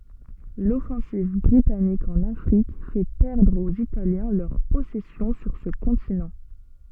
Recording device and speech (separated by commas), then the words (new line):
soft in-ear microphone, read sentence
L'offensive britannique en Afrique fait perdre aux Italiens leurs possessions sur ce continent.